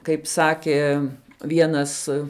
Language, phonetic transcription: Lithuanian, kaip ˈsakė ˈvienas

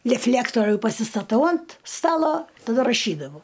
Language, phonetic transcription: Lithuanian, leˈflektoriu pasistaˈtau ant ˈstalo taˈda raˈšydavau

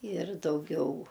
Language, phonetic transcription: Lithuanian, ir dauˈgiau

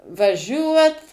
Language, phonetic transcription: Lithuanian, vaˈžiuot

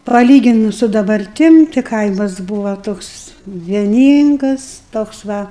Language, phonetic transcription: Lithuanian, paˈlyginus su dabarˈtim ti ˈkaimas ˈbūva ˈtoks vieˈnyngas toks ˈva

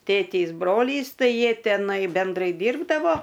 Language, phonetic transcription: Lithuanian, ˈtėtės ˈbrolys ˈtai ˈjie teˈnai benˈdrai ˈdyrbdavo

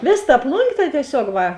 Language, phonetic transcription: Lithuanian, ˈvės ta ˈplungė ta tieˈsiog ˈva

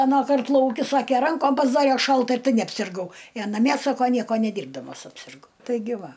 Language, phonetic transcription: Lithuanian, aˈnąˌkart lauˈki ˈsake ˈrankom pasˈdare ˈšalt ir ˈtai neapsirˈgau i a naˈmie ˈsako ˈnieko neˈdyrbdamas apsirˈgau taiˈgi ˈva

